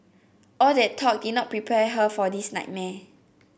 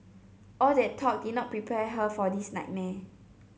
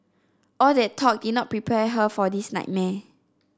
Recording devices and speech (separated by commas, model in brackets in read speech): boundary microphone (BM630), mobile phone (Samsung C7), standing microphone (AKG C214), read sentence